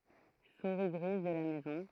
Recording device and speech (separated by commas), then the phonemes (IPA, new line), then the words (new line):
throat microphone, read sentence
suʁi ɡʁiz də la mɛzɔ̃
Souris grise de la maison.